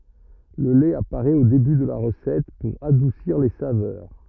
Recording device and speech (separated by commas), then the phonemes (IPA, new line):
rigid in-ear microphone, read sentence
lə lɛt apaʁɛt o deby də la ʁəsɛt puʁ adusiʁ le savœʁ